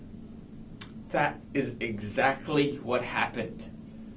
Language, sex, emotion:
English
male
angry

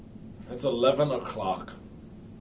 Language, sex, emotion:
English
male
disgusted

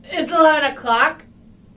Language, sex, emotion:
English
female
angry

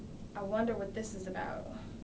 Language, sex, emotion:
English
female
fearful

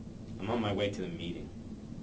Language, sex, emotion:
English
male
neutral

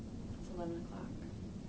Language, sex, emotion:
English
female
neutral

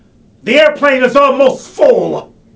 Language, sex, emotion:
English
male
angry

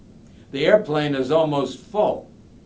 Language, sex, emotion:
English
male
disgusted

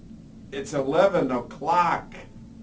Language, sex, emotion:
English
male
disgusted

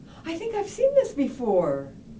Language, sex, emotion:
English
female
happy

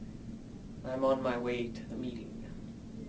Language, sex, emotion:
English
male
neutral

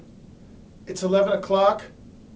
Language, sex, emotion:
English
male
neutral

